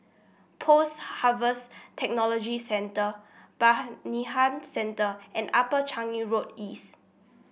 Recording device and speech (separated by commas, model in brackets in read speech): boundary microphone (BM630), read sentence